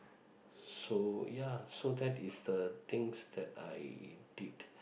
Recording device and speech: boundary microphone, conversation in the same room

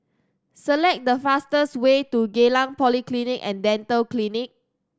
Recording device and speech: standing microphone (AKG C214), read sentence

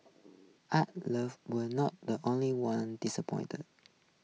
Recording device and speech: mobile phone (iPhone 6), read sentence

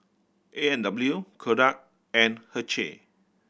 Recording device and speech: boundary microphone (BM630), read sentence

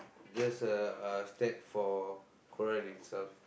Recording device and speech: boundary microphone, conversation in the same room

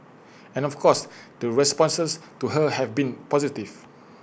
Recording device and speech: boundary microphone (BM630), read sentence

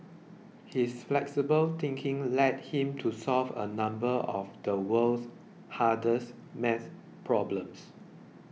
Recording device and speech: mobile phone (iPhone 6), read sentence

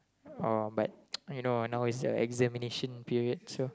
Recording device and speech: close-talking microphone, conversation in the same room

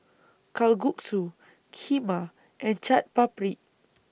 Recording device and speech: boundary microphone (BM630), read sentence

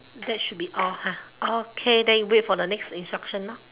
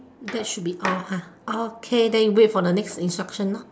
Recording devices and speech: telephone, standing microphone, conversation in separate rooms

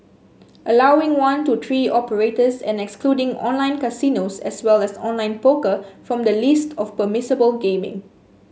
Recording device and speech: mobile phone (Samsung S8), read sentence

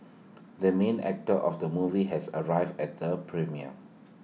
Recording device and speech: mobile phone (iPhone 6), read sentence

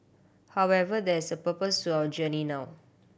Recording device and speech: boundary microphone (BM630), read sentence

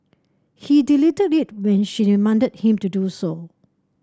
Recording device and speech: standing microphone (AKG C214), read sentence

